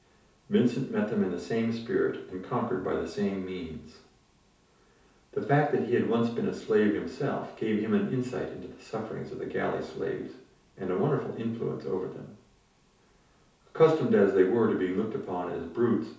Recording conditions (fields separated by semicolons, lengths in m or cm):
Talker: one person; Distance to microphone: 3.0 m; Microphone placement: far; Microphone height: 1.8 m; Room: small (3.7 m by 2.7 m); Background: none